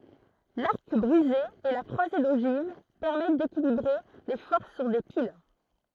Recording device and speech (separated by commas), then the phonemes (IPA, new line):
throat microphone, read sentence
laʁk bʁize e la kʁwaze doʒiv pɛʁmɛt dekilibʁe le fɔʁs syʁ de pil